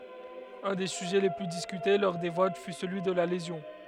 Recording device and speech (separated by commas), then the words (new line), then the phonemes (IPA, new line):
headset microphone, read sentence
Un des sujets les plus discutés lors des votes fut celui de la lésion.
œ̃ de syʒɛ le ply diskyte lɔʁ de vot fy səlyi də la lezjɔ̃